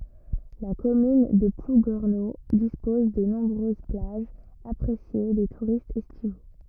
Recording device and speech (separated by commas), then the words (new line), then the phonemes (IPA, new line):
rigid in-ear microphone, read sentence
La commune de Plouguerneau dispose de nombreuses plages, appréciées des touristes estivaux.
la kɔmyn də pluɡɛʁno dispɔz də nɔ̃bʁøz plaʒz apʁesje de tuʁistz ɛstivo